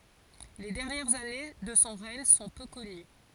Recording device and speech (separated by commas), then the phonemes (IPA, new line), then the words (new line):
forehead accelerometer, read sentence
le dɛʁnjɛʁz ane də sɔ̃ ʁɛɲ sɔ̃ pø kɔny
Les dernières années de son règne sont peu connues.